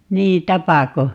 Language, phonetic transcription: Finnish, 'niin "tapako ?
- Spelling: niin tapako

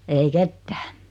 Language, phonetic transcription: Finnish, 'ei "kettᴀ̈ᴀ̈ .
- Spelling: ei ketään

